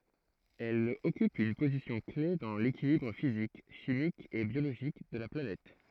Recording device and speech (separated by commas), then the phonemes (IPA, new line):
throat microphone, read sentence
ɛl ɔkyp yn pozisjɔ̃klɛf dɑ̃ lekilibʁ fizik ʃimik e bjoloʒik də la planɛt